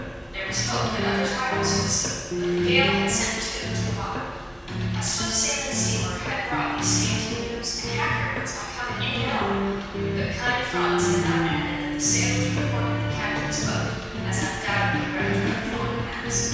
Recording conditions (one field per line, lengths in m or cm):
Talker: one person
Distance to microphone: 7.1 m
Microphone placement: far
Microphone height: 1.7 m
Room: very reverberant, large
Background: music